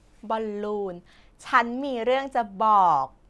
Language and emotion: Thai, happy